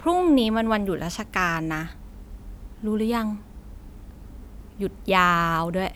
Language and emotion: Thai, frustrated